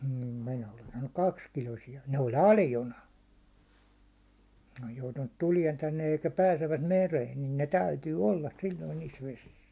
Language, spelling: Finnish, mm minä olen saanut kaksikiloisia ne oli aljona ne on joutunut tulemaan tänne ja eikä pääsevät mereen niin ne täytyy olla silloin niissä vesissä
- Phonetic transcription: m̥ 'minä olen 'saannuk "kakskilosija , ne oĺ "alljona , ne oj joutunnut 'tuliɛn 'tännej ja eikä "pääsevvät "mereen , nin ne "täytyy "olla silloin niis 'vesis .

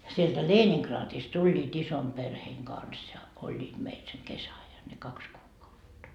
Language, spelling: Finnish, sieltä Leningradista tulivat ison perheen kanssa ja olivat meillä sen kesäajan ne kaksi kuukautta
- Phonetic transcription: sieltä "Leeniŋkraatist 'tuĺĺiit 'isom perheeŋ 'Gans ja , 'oĺĺiit meil seŋ "kesä₍ajan ne "kaks kuukautta .

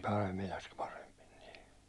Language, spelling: Finnish, Paimilassa paremmin niin
- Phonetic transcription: Paimilas 'paremmin nɪɪ .

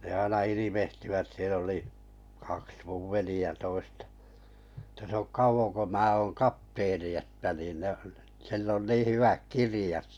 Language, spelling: Finnish, ne aina ilvehtivät siellä oli kaksi minun veljeä toista että se on kauan kun minä on kapteeni että niin ne sillä on niin hyvät kirjat
- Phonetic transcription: ne aina 'ilivehtivät 'siel ‿oli , kaks muv 'veli₍ä 'toistᴀ , ᵉtä s ‿ok 'kauvoŋ ko 'mää oŋ "kapteeni että niin ne , 'sill ‿on 'nii 'hyväk "kirĭjat .

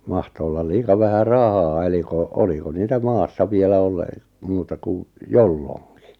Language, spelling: Finnish, mahtoi olla liian vähän rahaa eli kun oliko niitä maassa vielä - muuta kuin jolloinkin
- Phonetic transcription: 'mahto ollal 'liika vähä "rahaa eli ko , 'oliko 'niitä "maassa 'vielä ole- , 'muuta ku , "jolloŋki .

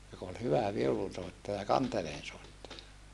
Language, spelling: Finnish, joka oli hyvä viulunsoittaja kanteleensoittaja
- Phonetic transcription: jok ‿ol hyvä viulunsòettaja kanteleensòettaja .

